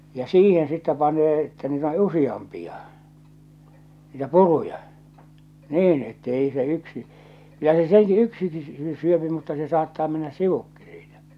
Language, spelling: Finnish, ja siihen sitten panee että niitä on useampia niitä puruja niin että ei se yksi ja se silti yksikin - syö mutta se saattaa mennä sivukin siitä
- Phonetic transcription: ja "siihen sittä 'pan̆nee että niit ‿on "usiʲampia , niitä "puruja , "niin et't ‿èi se 'yksi , ja se 'silti "yksiki sy- , syöpi mutta se saattaa mennäs "sivukki siitä .

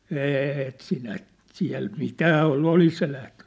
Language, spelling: Finnish, et sinä siellä mitään ollut olisi se lähtenyt
- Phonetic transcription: » 'êt sinä 'siä̭l "mitää ollu , 'olis se lähten . «

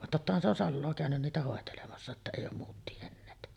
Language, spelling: Finnish, vaan tottahan se on salaa käynyt niitä hoitelemassa että ei ole muut tienneet
- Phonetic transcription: van 'tottahan se ‿on "salloo kä̀önyn niitä 'hòetelemassa että 'èij̆j ‿oom muut tienneet .

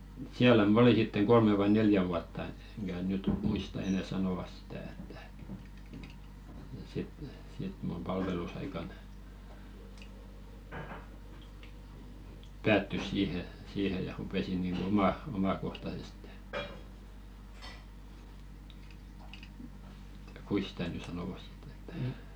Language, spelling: Finnish, siellä minä olin sitten kolme vai neljä vuotta että enkä nyt muista enää sanoa sitä että ja sitten sitten minun palvelusaikani päättyi siihen siihen ja rupesin niin kuin - omakohtaisesti kuinka sitä nyt sanovat sitten että
- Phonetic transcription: 'siälᵃ̈ 'm ‿olin sitteŋ "kolme vai "neljä vuatta et ᵉᵑG§ᵃ̈ nyt 'muista "enɛ 'sano₍as sitä ᴇttᴀ̈ , ja 'sit , sit mum 'palvelusaikan , "päättys 'siihe , siihe ja rupesin̆ niŋɢu 'oma- , 'omakohtasestᴇ , "kuis 'sⁱtä ny sanovᴀ sɪt ‿ᴇttᴀ̈ ,.

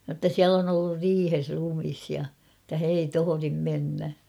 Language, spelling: Finnish, jotta siellä on ollut riihessä ruumis ja että he ei tohdi mennä
- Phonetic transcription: notta "siäl ‿on ollur 'riihes rumis ja , [et]tä 'h ‿ei "tohorim 'mennä .

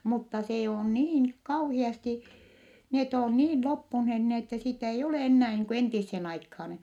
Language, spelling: Finnish, mutta se on niin kauheasti ne on niin loppuneet niin että sitä ei ole enää niin kuin entiseen aikaan
- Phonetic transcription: mutta see on niin , kauhiasti , net ‿on niin loppunheh n ‿ettɛ sitä ei olè ennää niiŋ ku , entisseen aikhaan .

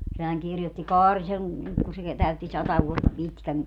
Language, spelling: Finnish, sehän kirjoitti Kaari sen kun se täytti sata vuotta pitkän
- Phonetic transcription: sehäŋ 'kirjotti "Kaari seŋ , ku se 'täytti 'sata vuotta - "pitkäŋ ,.

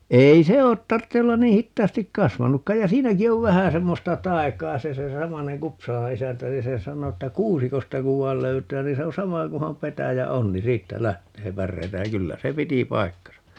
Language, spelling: Finnish, ei se ole tarvitse olla niin hitaasti kasvanutkaan ja siinäkin on vähän semmoista taikaa se se samainen Kupsalan isäntä se se sanoi että kuusikosta kun vain löytää niin se on sama kunhan petäjä on niin siitä lähtee päreitä ja kyllä se piti paikkansa
- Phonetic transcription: 'ei "se o , 'tartte ollan 'nii 'hittaastik "kasvanukka ja "siinäki ov "vähä 'semmosta "tai̮k̀aa - 'se se 'samaneŋ "Kupsala 'isäntä 'se se "sano ‿ttä "kuusikosta kuv vai̮l 'löyt̀ää ni 'se on̬ "sama kuham 'petäjä "on ni 'siittä 'lähtee "pärreitä ja "kyllä 'se "piti 'pai̮kkasa .

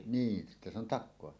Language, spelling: Finnish, niin sitten se on takaa
- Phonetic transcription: 'niin , sitte se ‿on "tak̆koa .

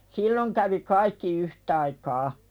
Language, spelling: Finnish, silloin kävi kaikki yhtaikaa
- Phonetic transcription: silloŋ kävi 'kaikki yhtaikaa .

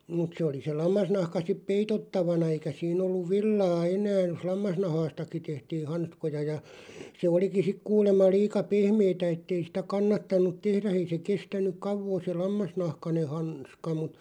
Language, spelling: Finnish, mutta se oli se lammasnahka sitten peitottavana eikä siinä ollut villaa enää jos lammasnahkastakin tehtiin hanskoja ja se olikin sitten kuulemma liian pehmeää että ei sitä kannattanut tehdä ei se kestänyt kauaa se lammasnahkainen - hanska mutta
- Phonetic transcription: mut 'se oli se 'lammasnahka sip "peitottavana eikä 'siin ‿olluᵛ 'villaa "enää jos "lammas'nahaastaki 'tehtii "hanskoja ja , se 'oliki 'sik kuulem̆ma 'liika "pehmeetä ettei sⁱtä 'kannatan̆nuᵗ "tehrä ei se 'kestän̆nyᵏ "kauvoo se "lammasnahkane 'hans- -ka mut ,.

